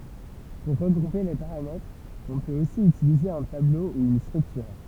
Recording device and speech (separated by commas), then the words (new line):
temple vibration pickup, read sentence
Pour regrouper les paramètres, on peut aussi utiliser un tableau ou une structure.